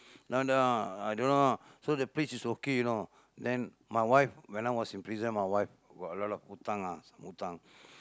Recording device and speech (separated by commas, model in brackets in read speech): close-talking microphone, conversation in the same room